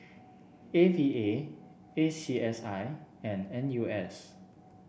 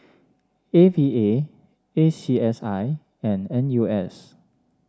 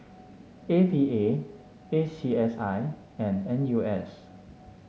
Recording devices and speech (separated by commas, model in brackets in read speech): boundary microphone (BM630), standing microphone (AKG C214), mobile phone (Samsung S8), read sentence